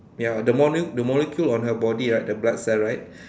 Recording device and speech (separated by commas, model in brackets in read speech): standing microphone, conversation in separate rooms